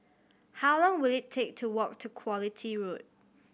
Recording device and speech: boundary microphone (BM630), read sentence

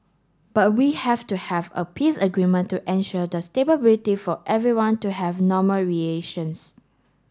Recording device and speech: standing microphone (AKG C214), read sentence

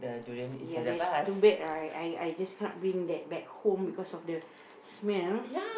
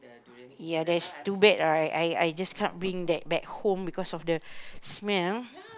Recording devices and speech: boundary microphone, close-talking microphone, conversation in the same room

